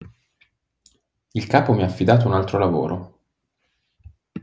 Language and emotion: Italian, neutral